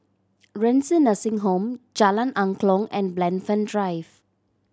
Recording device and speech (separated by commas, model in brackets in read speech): standing microphone (AKG C214), read sentence